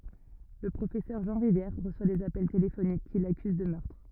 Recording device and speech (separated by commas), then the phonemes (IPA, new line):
rigid in-ear microphone, read sentence
lə pʁofɛsœʁ ʒɑ̃ ʁivjɛʁ ʁəswa dez apɛl telefonik ki lakyz də mœʁtʁ